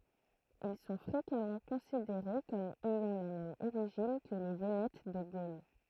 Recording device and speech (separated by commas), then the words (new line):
throat microphone, read sentence
Ils sont fréquemment considérés comme ayant la même origine que les Vénètes de Gaule.